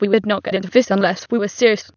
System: TTS, waveform concatenation